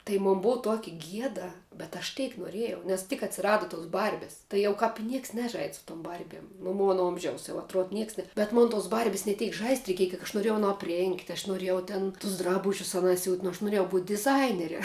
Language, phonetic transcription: Lithuanian, tai ˈmon ˈbuu ˈtuoki ˈgieda bet aš ˈteik noˈrėjau nes tik atsiˈradu tos ˈbarbis tai ˈjau kāp i ˈnieks ˈnežaid' su tum ˈbarbiem nu ˈmona ˈomžiaus jau atˈruod ˈnieks ne bet ˈmon tos ˈbarbis ne ˈteik žaist' reiˈkieja kiek aš noˈrėjau aˈno apˈrėngt aš noˈrėjau ˈtėn tus ˈdrabužius aˈnā siūt' nu aš nuˈrėjau būt' diˈzainere

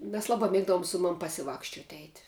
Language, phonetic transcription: Lithuanian, mes ˈlaˌbā ˈmėgdavom ˈsu ˌmam pasiˈvakščiot eit'

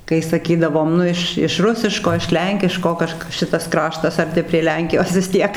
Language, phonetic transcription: Lithuanian, kai saˈkydavom ˈnu iš iš ˈrusiško iš ˈlenkiško ˈkažk ˈšitas ˈkraštas arˈti prie ˈlenkijos vis ˈtiek

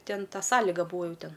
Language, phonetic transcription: Lithuanian, ˈten ˈta ˈsąliga ˈbūa ˈjų ˈten

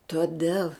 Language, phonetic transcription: Lithuanian, toˈdel

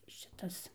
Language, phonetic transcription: Lithuanian, šiˈtas

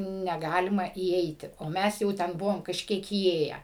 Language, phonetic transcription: Lithuanian, neˈgalima įˈeiti o ˈmes jau ˈten ˈbuvom kažˈkiek įˈėje

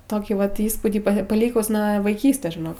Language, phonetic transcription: Lithuanian, ˈtokį ˈvat ˈįspūdį pa paˈlykus nuo vaiˈkystės žiˈnok

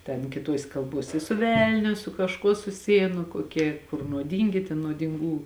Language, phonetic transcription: Lithuanian, ten kiˈtuosė kalˈbuosė i su ˈvelniu su kažˈkuo suˈsijėn nu koˈkie kur nuoˈdyngi ten nuodinˈgų

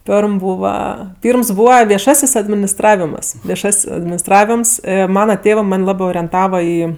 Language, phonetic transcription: Lithuanian, ˈperm ˈbūva ˈpyrms ˈbūva vieˈšasis adminisˈtravimas vieˈšas' adminisˈtravims ˈmana ˈtėvɜ ˈman' ˈlabɜ orienˈtava ˈį

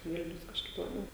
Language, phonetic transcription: Lithuanian, ˈvilnius kažˈkaip laˈbiau

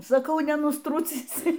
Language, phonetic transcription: Lithuanian, saˈkau nenusˈtrucysi

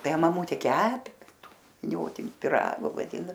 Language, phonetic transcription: Lithuanian, ˈtai maˈmutė ˈkepi ˈtų viˈniotini piˈrago vaˈdino

